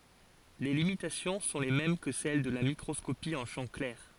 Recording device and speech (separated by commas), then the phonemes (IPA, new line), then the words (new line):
forehead accelerometer, read sentence
le limitasjɔ̃ sɔ̃ le mɛm kə sɛl də la mikʁɔskopi ɑ̃ ʃɑ̃ klɛʁ
Les limitations sont les mêmes que celles de la microscopie en champ clair.